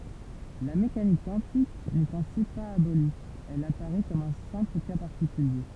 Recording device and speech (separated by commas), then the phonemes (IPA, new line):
temple vibration pickup, read sentence
la mekanik kwɑ̃tik nɛt ɛ̃si paz aboli ɛl apaʁɛ kɔm œ̃ sɛ̃pl ka paʁtikylje